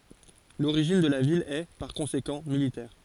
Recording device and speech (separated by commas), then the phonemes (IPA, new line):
forehead accelerometer, read sentence
loʁiʒin də la vil ɛ paʁ kɔ̃sekɑ̃ militɛʁ